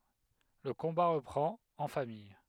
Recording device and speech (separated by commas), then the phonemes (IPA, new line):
headset microphone, read sentence
lə kɔ̃ba ʁəpʁɑ̃t ɑ̃ famij